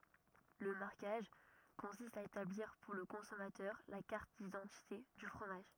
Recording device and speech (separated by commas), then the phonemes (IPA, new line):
rigid in-ear microphone, read sentence
lə maʁkaʒ kɔ̃sist a etabliʁ puʁ lə kɔ̃sɔmatœʁ la kaʁt didɑ̃tite dy fʁomaʒ